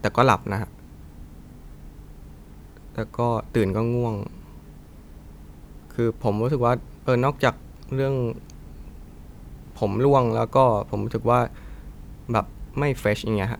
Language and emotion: Thai, neutral